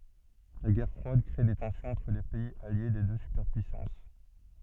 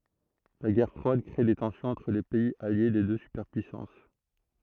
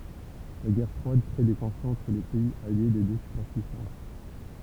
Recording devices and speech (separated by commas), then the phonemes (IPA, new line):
soft in-ear microphone, throat microphone, temple vibration pickup, read sentence
la ɡɛʁ fʁwad kʁe de tɑ̃sjɔ̃z ɑ̃tʁ le pɛiz alje de dø sypɛʁpyisɑ̃s